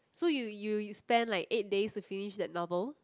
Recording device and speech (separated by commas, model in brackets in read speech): close-talking microphone, conversation in the same room